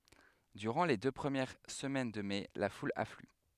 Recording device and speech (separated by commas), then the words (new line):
headset microphone, read sentence
Durant les deux premières semaines de mai, la foule afflue.